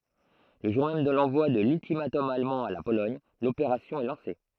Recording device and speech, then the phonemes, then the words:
throat microphone, read sentence
lə ʒuʁ mɛm də lɑ̃vwa də lyltimatɔm almɑ̃ a la polɔɲ lopeʁasjɔ̃ ɛ lɑ̃se
Le jour même de l'envoi de l'ultimatum allemand à la Pologne, l'opération est lancée.

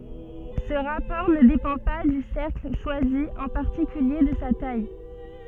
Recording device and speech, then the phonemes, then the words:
soft in-ear microphone, read sentence
sə ʁapɔʁ nə depɑ̃ pa dy sɛʁkl ʃwazi ɑ̃ paʁtikylje də sa taj
Ce rapport ne dépend pas du cercle choisi, en particulier de sa taille.

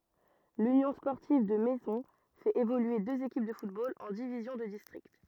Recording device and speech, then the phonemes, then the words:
rigid in-ear microphone, read sentence
lynjɔ̃ spɔʁtiv də mɛzɔ̃ fɛt evolye døz ekip də futbol ɑ̃ divizjɔ̃ də distʁikt
L'Union sportive de Maisons fait évoluer deux équipes de football en divisions de district.

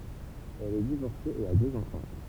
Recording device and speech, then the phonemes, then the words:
temple vibration pickup, read sentence
ɛl ɛ divɔʁse e a døz ɑ̃fɑ̃
Elle est divorcée et a deux enfants.

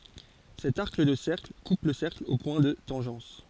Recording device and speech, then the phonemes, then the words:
forehead accelerometer, read sentence
sɛt aʁk də sɛʁkl kup lə sɛʁkl o pwɛ̃ də tɑ̃ʒɑ̃s
Cet arc de cercle coupe le cercle aux points de tangence.

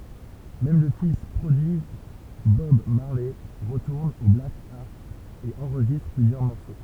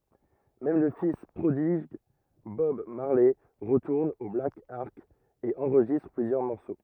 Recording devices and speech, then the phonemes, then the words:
temple vibration pickup, rigid in-ear microphone, read sentence
mɛm lə fis pʁodiɡ bɔb maʁlɛ ʁətuʁn o blak ɑʁk e ɑ̃ʁʒistʁ plyzjœʁ mɔʁso
Même le fils prodigue Bob Marley retourne au Black Ark et enregistre plusieurs morceaux.

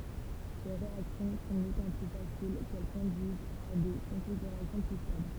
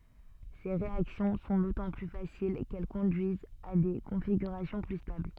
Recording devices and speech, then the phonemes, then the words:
temple vibration pickup, soft in-ear microphone, read sentence
se ʁeaksjɔ̃ sɔ̃ dotɑ̃ ply fasil kɛl kɔ̃dyizt a de kɔ̃fiɡyʁasjɔ̃ ply stabl
Ces réactions sont d'autant plus faciles qu'elles conduisent à des configurations plus stables.

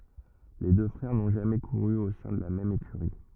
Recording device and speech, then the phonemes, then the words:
rigid in-ear microphone, read sentence
le dø fʁɛʁ nɔ̃ ʒamɛ kuʁy o sɛ̃ də la mɛm ekyʁi
Les deux frères n'ont jamais couru au sein de la même écurie.

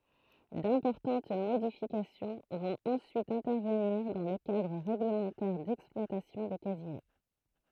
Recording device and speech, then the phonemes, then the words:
throat microphone, read sentence
dɛ̃pɔʁtɑ̃t modifikasjɔ̃ vɔ̃t ɑ̃syit ɛ̃tɛʁvəniʁ dɑ̃ lə kadʁ ʁɛɡləmɑ̃tɛʁ dɛksplwatasjɔ̃ de kazino
D’importantes modifications vont ensuite intervenir dans le cadre règlementaire d’exploitation des casinos.

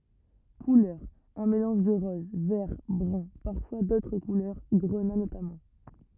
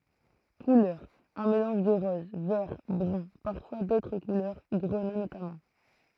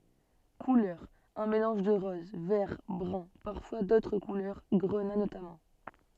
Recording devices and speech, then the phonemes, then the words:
rigid in-ear microphone, throat microphone, soft in-ear microphone, read sentence
kulœʁz œ̃ melɑ̃ʒ də ʁɔz vɛʁ bʁœ̃ paʁfwa dotʁ kulœʁ ɡʁəna notamɑ̃
Couleurs: un mélange de rose, vert, brun, parfois d'autres couleurs, grenat notamment.

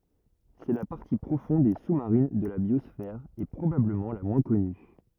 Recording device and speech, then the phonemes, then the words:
rigid in-ear microphone, read sentence
sɛ la paʁti pʁofɔ̃d e su maʁin də la bjɔsfɛʁ e pʁobabləmɑ̃ la mwɛ̃ kɔny
C'est la partie profonde et sous-marine de la biosphère et probablement la moins connue.

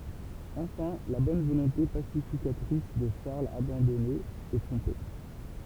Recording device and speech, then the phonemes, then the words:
temple vibration pickup, read sentence
ɑ̃fɛ̃ la bɔn volɔ̃te pasifikatʁis də ʃaʁl abɑ̃dɔne ɛ tʁɔ̃pe
Enfin, la bonne volonté pacificatrice de Charles, abandonné, est trompée.

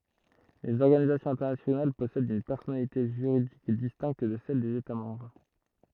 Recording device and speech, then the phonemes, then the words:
throat microphone, read sentence
lez ɔʁɡanizasjɔ̃z ɛ̃tɛʁnasjonal pɔsɛdt yn pɛʁsɔnalite ʒyʁidik distɛ̃kt də sɛl dez eta mɑ̃bʁ
Les organisations internationales possèdent une personnalité juridique distincte de celle des États membres.

